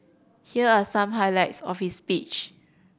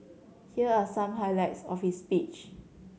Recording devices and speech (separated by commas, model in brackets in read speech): boundary microphone (BM630), mobile phone (Samsung C7100), read sentence